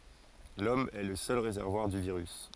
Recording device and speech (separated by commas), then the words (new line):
forehead accelerometer, read sentence
L'Homme est le seul réservoir du virus.